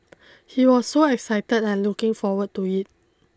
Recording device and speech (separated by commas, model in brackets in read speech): close-talking microphone (WH20), read sentence